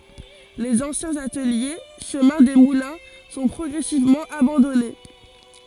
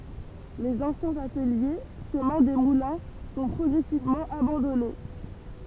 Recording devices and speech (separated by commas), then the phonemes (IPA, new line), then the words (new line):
forehead accelerometer, temple vibration pickup, read sentence
lez ɑ̃sjɛ̃z atəlje ʃəmɛ̃ de mulɛ̃ sɔ̃ pʁɔɡʁɛsivmɑ̃ abɑ̃dɔne
Les anciens ateliers, chemin des Moulins, sont progressivement abandonnés.